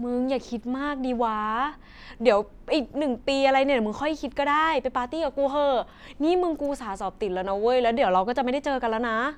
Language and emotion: Thai, happy